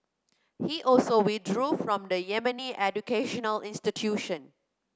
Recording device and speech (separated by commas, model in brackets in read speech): close-talking microphone (WH30), read sentence